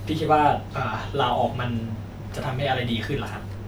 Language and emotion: Thai, frustrated